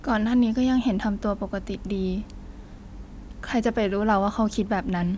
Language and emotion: Thai, frustrated